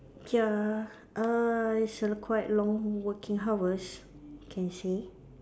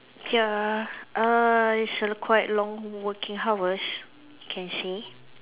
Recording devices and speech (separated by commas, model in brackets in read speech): standing microphone, telephone, conversation in separate rooms